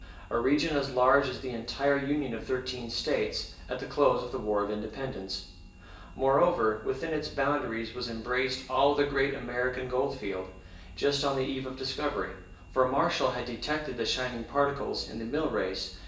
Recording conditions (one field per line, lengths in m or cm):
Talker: one person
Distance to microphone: 1.8 m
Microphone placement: close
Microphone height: 1.0 m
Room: large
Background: none